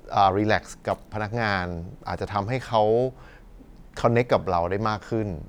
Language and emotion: Thai, neutral